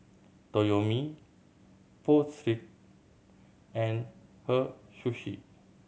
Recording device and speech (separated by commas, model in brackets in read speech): mobile phone (Samsung C7100), read sentence